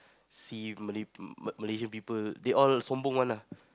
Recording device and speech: close-talking microphone, conversation in the same room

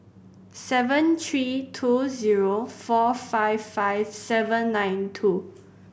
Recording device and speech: boundary microphone (BM630), read sentence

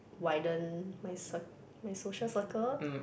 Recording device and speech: boundary microphone, conversation in the same room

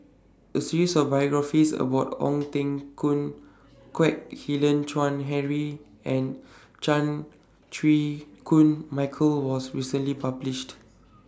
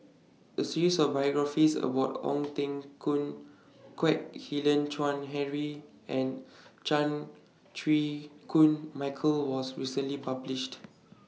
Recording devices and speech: standing microphone (AKG C214), mobile phone (iPhone 6), read sentence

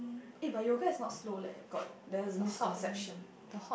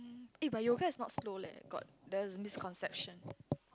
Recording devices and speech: boundary microphone, close-talking microphone, conversation in the same room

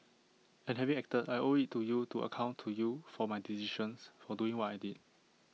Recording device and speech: mobile phone (iPhone 6), read sentence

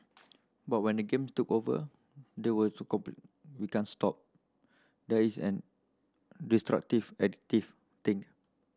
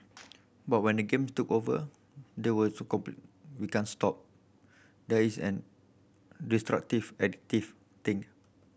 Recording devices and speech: standing microphone (AKG C214), boundary microphone (BM630), read sentence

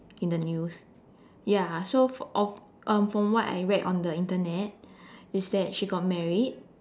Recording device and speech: standing microphone, conversation in separate rooms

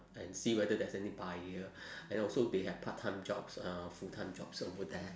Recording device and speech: standing microphone, conversation in separate rooms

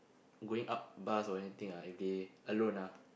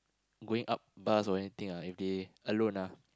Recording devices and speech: boundary microphone, close-talking microphone, conversation in the same room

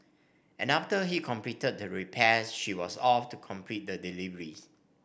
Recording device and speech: boundary microphone (BM630), read sentence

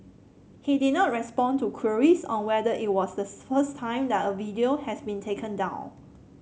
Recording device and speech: mobile phone (Samsung C7), read sentence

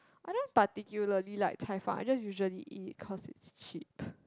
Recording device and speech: close-talking microphone, conversation in the same room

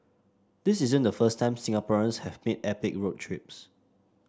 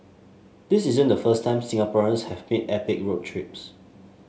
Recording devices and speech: standing microphone (AKG C214), mobile phone (Samsung S8), read sentence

